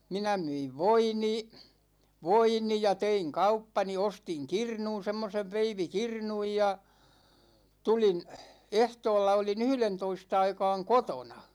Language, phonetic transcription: Finnish, 'minä 'myiv "voini , "voini ja 'teiŋ "kauppani , 'ostiŋ "kirnun̬ 'semmosev 'veivi"kirnuj ja , 'tulin , 'ehtoolla oli'n ‿yhlentois't ‿aikaaŋ "kotona .
- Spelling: minä myin voini voini ja tein kauppani ostin kirnun semmoisen veivikirnun ja tulin ehtoolla olin yhdentoista aikaan kotona

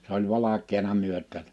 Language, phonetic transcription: Finnish, s ‿oĺ 'valak̆keena 'myöt̆tää(sä) .
- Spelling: se oli valkeana myötäänsä

